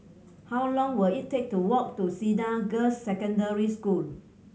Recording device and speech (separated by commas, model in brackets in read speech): mobile phone (Samsung C7100), read sentence